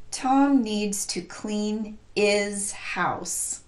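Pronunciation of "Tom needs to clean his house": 'Tom needs to clean his house' is pronounced incorrectly here: 'his' is not linked to 'clean', the word before it.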